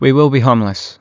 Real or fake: real